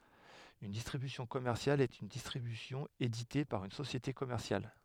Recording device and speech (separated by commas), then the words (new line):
headset microphone, read sentence
Une distribution commerciale est une distribution éditée par une société commerciale.